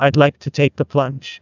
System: TTS, neural waveform model